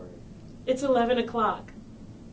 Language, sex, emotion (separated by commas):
English, female, neutral